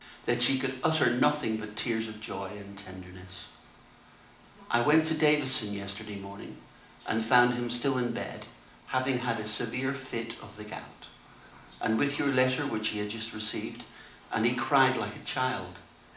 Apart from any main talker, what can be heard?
A television.